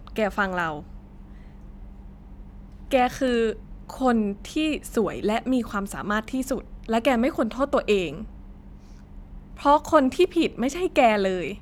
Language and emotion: Thai, sad